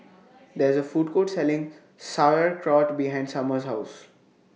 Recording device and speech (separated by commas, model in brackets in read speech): mobile phone (iPhone 6), read sentence